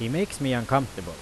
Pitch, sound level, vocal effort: 130 Hz, 90 dB SPL, loud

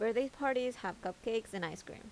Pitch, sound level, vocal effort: 225 Hz, 83 dB SPL, normal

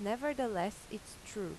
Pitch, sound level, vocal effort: 215 Hz, 86 dB SPL, normal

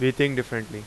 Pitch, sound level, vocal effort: 125 Hz, 89 dB SPL, loud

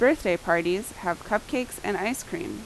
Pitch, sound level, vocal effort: 195 Hz, 84 dB SPL, loud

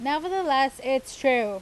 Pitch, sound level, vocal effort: 265 Hz, 93 dB SPL, very loud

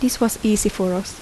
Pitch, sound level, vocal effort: 210 Hz, 77 dB SPL, soft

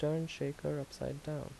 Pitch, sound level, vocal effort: 150 Hz, 76 dB SPL, soft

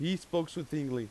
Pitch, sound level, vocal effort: 165 Hz, 90 dB SPL, very loud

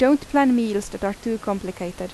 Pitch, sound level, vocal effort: 205 Hz, 85 dB SPL, normal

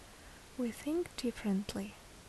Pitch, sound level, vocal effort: 235 Hz, 69 dB SPL, soft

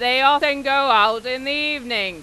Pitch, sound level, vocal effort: 260 Hz, 102 dB SPL, very loud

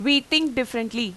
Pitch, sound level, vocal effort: 255 Hz, 91 dB SPL, very loud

